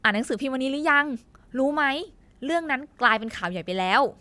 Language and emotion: Thai, happy